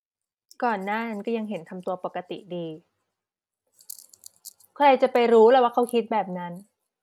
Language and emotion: Thai, frustrated